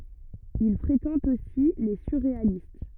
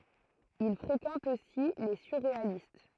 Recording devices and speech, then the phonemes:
rigid in-ear microphone, throat microphone, read sentence
il fʁekɑ̃t osi le syʁʁealist

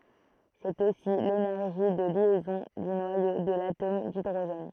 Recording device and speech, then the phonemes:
throat microphone, read sentence
sɛt osi lenɛʁʒi də ljɛzɔ̃ dy nwajo də latom didʁoʒɛn

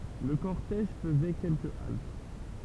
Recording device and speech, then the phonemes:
temple vibration pickup, read sentence
lə kɔʁtɛʒ fəzɛ kɛlkə alt

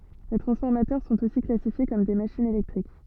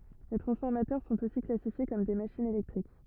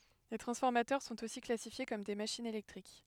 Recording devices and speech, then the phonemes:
soft in-ear microphone, rigid in-ear microphone, headset microphone, read sentence
le tʁɑ̃sfɔʁmatœʁ sɔ̃t osi klasifje kɔm de maʃinz elɛktʁik

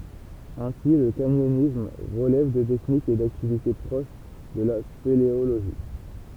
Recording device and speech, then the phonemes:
temple vibration pickup, read sentence
ɛ̃si lə kaɲɔnism ʁəlɛv də tɛknikz e daktivite pʁoʃ də la speleoloʒi

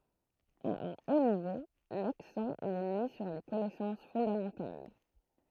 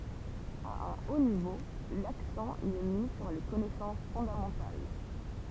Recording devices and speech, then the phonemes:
throat microphone, temple vibration pickup, read sentence
a œ̃ o nivo laksɑ̃ i ɛ mi syʁ le kɔnɛsɑ̃s fɔ̃damɑ̃tal

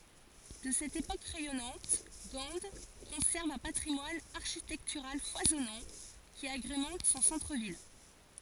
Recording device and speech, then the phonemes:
forehead accelerometer, read sentence
də sɛt epok ʁɛjɔnɑ̃t ɡɑ̃ kɔ̃sɛʁv œ̃ patʁimwan aʁʃitɛktyʁal fwazɔnɑ̃ ki aɡʁemɑ̃t sɔ̃ sɑ̃tʁ vil

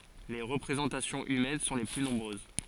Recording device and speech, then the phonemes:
forehead accelerometer, read sentence
le ʁəpʁezɑ̃tasjɔ̃z ymɛn sɔ̃ le ply nɔ̃bʁøz

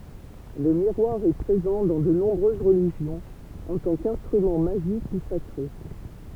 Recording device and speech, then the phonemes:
temple vibration pickup, read sentence
lə miʁwaʁ ɛ pʁezɑ̃ dɑ̃ də nɔ̃bʁøz ʁəliʒjɔ̃z ɑ̃ tɑ̃ kɛ̃stʁymɑ̃ maʒik u sakʁe

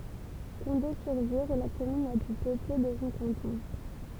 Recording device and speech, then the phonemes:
temple vibration pickup, read sentence
kɔ̃de syʁ viʁ ɛ la kɔmyn la ply pøple də sɔ̃ kɑ̃tɔ̃

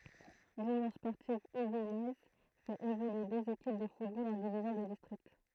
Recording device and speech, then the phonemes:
throat microphone, read sentence
lynjɔ̃ spɔʁtiv uvijɛz fɛt evolye døz ekip də futbol ɑ̃ divizjɔ̃ də distʁikt

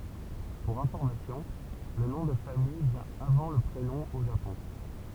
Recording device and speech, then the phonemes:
temple vibration pickup, read sentence
puʁ ɛ̃fɔʁmasjɔ̃ lə nɔ̃ də famij vjɛ̃ avɑ̃ lə pʁenɔ̃ o ʒapɔ̃

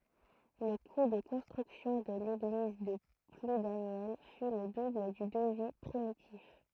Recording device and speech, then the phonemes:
throat microphone, read sentence
lə ku də kɔ̃stʁyksjɔ̃ də leɡliz də pludanjɛl fy lə dubl dy dəvi pʁimitif

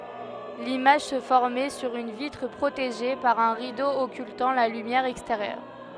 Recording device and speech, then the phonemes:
headset microphone, read sentence
limaʒ sə fɔʁmɛ syʁ yn vitʁ pʁoteʒe paʁ œ̃ ʁido ɔkyltɑ̃ la lymjɛʁ ɛksteʁjœʁ

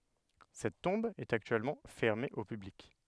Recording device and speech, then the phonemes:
headset microphone, read sentence
sɛt tɔ̃b ɛt aktyɛlmɑ̃ fɛʁme o pyblik

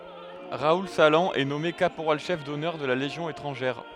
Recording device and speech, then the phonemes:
headset microphone, read sentence
ʁaul salɑ̃ ɛ nɔme kapoʁal ʃɛf dɔnœʁ də la leʒjɔ̃ etʁɑ̃ʒɛʁ

